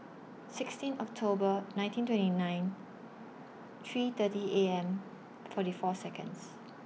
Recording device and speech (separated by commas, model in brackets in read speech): mobile phone (iPhone 6), read sentence